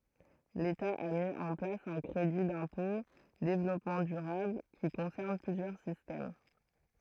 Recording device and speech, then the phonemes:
throat microphone, read sentence
leta a mi ɑ̃ plas œ̃ kʁedi dɛ̃pɔ̃ devlɔpmɑ̃ dyʁabl ki kɔ̃sɛʁn plyzjœʁ sistɛm

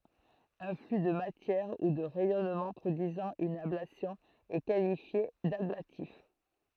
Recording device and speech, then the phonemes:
throat microphone, read sentence
œ̃ fly də matjɛʁ u də ʁɛjɔnmɑ̃ pʁodyizɑ̃ yn ablasjɔ̃ ɛ kalifje dablatif

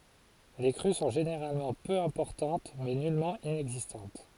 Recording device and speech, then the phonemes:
forehead accelerometer, read sentence
le kʁy sɔ̃ ʒeneʁalmɑ̃ pø ɛ̃pɔʁtɑ̃t mɛ nylmɑ̃ inɛɡzistɑ̃t

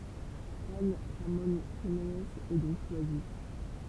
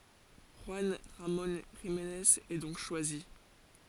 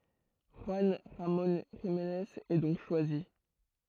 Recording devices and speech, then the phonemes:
temple vibration pickup, forehead accelerometer, throat microphone, read sentence
ʒyɑ̃ ʁamɔ̃ ʒimnez ɛ dɔ̃k ʃwazi

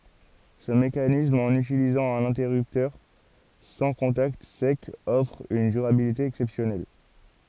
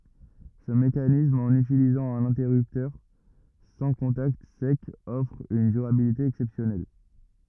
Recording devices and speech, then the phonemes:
forehead accelerometer, rigid in-ear microphone, read sentence
sə mekanism ɑ̃n ytilizɑ̃ œ̃n ɛ̃tɛʁyptœʁ sɑ̃ kɔ̃takt sɛkz ɔfʁ yn dyʁabilite ɛksɛpsjɔnɛl

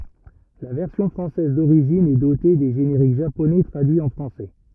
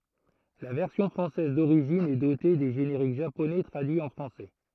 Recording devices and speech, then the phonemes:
rigid in-ear microphone, throat microphone, read sentence
la vɛʁsjɔ̃ fʁɑ̃sɛz doʁiʒin ɛ dote de ʒeneʁik ʒaponɛ tʁadyiz ɑ̃ fʁɑ̃sɛ

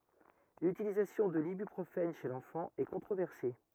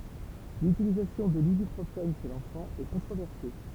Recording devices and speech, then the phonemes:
rigid in-ear microphone, temple vibration pickup, read sentence
lytilizasjɔ̃ də libypʁofɛn ʃe lɑ̃fɑ̃ ɛ kɔ̃tʁovɛʁse

